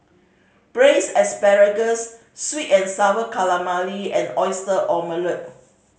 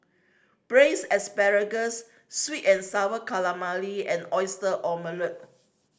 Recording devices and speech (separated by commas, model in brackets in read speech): mobile phone (Samsung C5010), standing microphone (AKG C214), read sentence